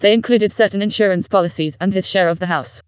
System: TTS, vocoder